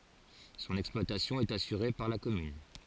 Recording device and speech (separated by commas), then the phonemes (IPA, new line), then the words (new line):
forehead accelerometer, read sentence
sɔ̃n ɛksplwatasjɔ̃ ɛt asyʁe paʁ la kɔmyn
Son exploitation est assurée par la commune.